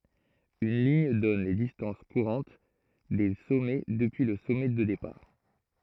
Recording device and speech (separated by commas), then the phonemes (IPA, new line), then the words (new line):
throat microphone, read sentence
yn liɲ dɔn le distɑ̃s kuʁɑ̃t de sɔmɛ dəpyi lə sɔmɛ də depaʁ
Une ligne donne les distances courantes des sommets depuis le sommet de départ.